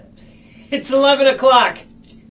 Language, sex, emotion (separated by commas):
English, male, happy